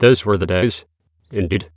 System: TTS, waveform concatenation